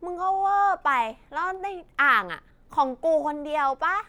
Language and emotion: Thai, angry